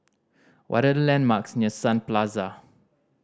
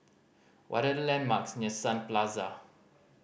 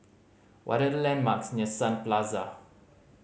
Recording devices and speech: standing microphone (AKG C214), boundary microphone (BM630), mobile phone (Samsung C5010), read sentence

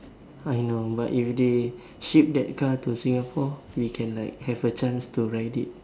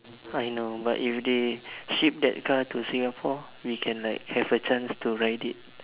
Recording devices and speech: standing microphone, telephone, conversation in separate rooms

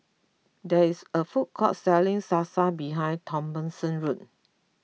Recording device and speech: mobile phone (iPhone 6), read sentence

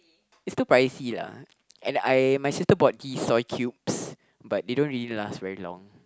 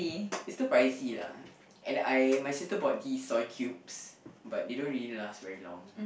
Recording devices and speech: close-talking microphone, boundary microphone, conversation in the same room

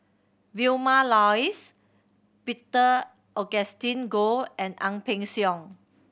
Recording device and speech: boundary microphone (BM630), read sentence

